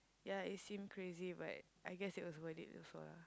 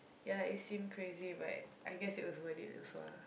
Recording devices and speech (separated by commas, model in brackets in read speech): close-talking microphone, boundary microphone, conversation in the same room